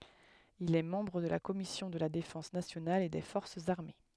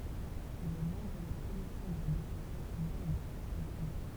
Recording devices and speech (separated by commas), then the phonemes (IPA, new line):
headset microphone, temple vibration pickup, read sentence
il ɛ mɑ̃bʁ də la kɔmisjɔ̃ də la defɑ̃s nasjonal e de fɔʁsz aʁme